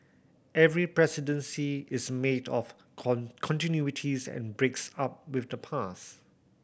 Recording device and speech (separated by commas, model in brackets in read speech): boundary microphone (BM630), read sentence